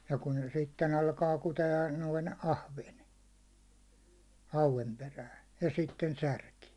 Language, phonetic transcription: Finnish, ja kun se "sitten alkaa 'kute₍a , noin "ahven , 'hauven perään̬ , ja 'sitten "särki .
- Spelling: ja kun se sitten alkaa kutea noin ahven hauen perään ja sitten särki

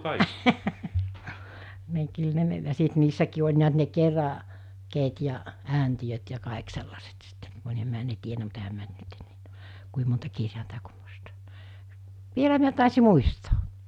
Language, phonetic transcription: Finnish, ni kyl ne ja sit 'niissäkii oĺ niät ne 'kera- , -keet ja , 'ääntiʲöt ja 'kaek sellaset sittᴇ , (- - mä ne tienä mut ehäm mä- - - kui monta kirjàenta - -) 'vielä miä tàesi 'muistᴏᴏ .
- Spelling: niin kyllä ne ja sitten niissäkin oli näet ne - kerakkeet ja ääntiöt ja kaikki sellaiset sitten minä ne tiennyt mutta enhän minä kuin monta kirjainta vielä minä taisin muistaa

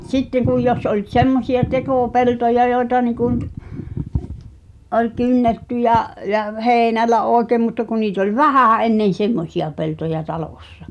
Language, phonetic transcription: Finnish, sitteŋ kuj 'jos oĺ "t̳semmosi₍a 'tekò'peltoja jòi̬ta niiku nt , 'oĺ "kynnetty ja’ , ja "heeⁱnällä 'òekèm mutta ku niit ‿oĺ "vähä̀ ennen̬ 'semmosi₍a peltoja 'talòssᴀ .
- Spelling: sitten kun jos oli semmoisia tekopeltoja joita niin kuin nyt oli kynnetty ja ja heinällä oikein mutta kun niitä oli vähän ennen semmoisia peltoja talossa

